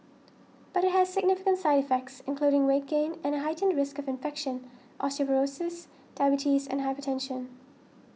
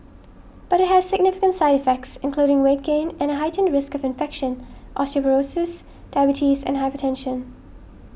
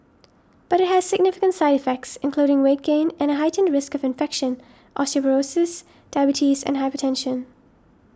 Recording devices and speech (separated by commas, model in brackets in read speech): mobile phone (iPhone 6), boundary microphone (BM630), standing microphone (AKG C214), read sentence